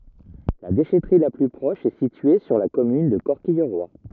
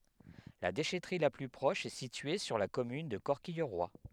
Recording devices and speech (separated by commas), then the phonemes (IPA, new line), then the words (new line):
rigid in-ear microphone, headset microphone, read sentence
la deʃɛtʁi la ply pʁɔʃ ɛ sitye syʁ la kɔmyn də kɔʁkijʁwa
La déchèterie la plus proche est située sur la commune de Corquilleroy.